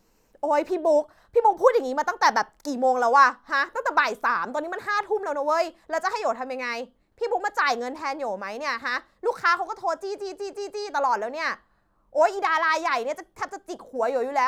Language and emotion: Thai, angry